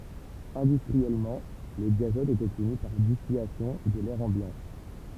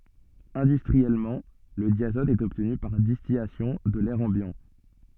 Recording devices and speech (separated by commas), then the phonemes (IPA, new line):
temple vibration pickup, soft in-ear microphone, read sentence
ɛ̃dystʁiɛlmɑ̃ lə djazɔt ɛt ɔbtny paʁ distilasjɔ̃ də lɛʁ ɑ̃bjɑ̃